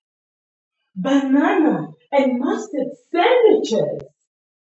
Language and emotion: English, surprised